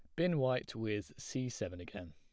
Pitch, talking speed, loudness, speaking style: 110 Hz, 185 wpm, -38 LUFS, plain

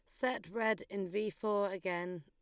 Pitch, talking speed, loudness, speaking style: 200 Hz, 180 wpm, -37 LUFS, Lombard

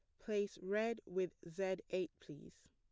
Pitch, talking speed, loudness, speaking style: 185 Hz, 145 wpm, -42 LUFS, plain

